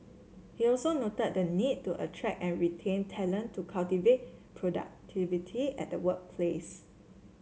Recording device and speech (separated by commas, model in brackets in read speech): mobile phone (Samsung C7), read sentence